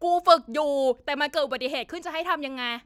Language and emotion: Thai, angry